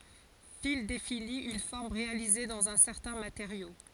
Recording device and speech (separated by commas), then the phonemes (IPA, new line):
forehead accelerometer, read sentence
fil defini yn fɔʁm ʁealize dɑ̃z œ̃ sɛʁtɛ̃ mateʁjo